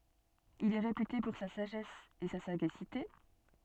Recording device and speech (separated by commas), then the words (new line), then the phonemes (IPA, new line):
soft in-ear microphone, read sentence
Il est réputé pour sa sagesse et sa sagacité.
il ɛ ʁepyte puʁ sa saʒɛs e sa saɡasite